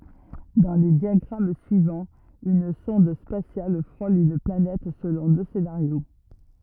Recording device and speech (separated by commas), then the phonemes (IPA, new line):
rigid in-ear microphone, read sentence
dɑ̃ le djaɡʁam syivɑ̃z yn sɔ̃d spasjal fʁol yn planɛt səlɔ̃ dø senaʁjo